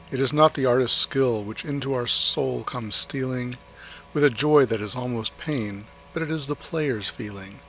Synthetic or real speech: real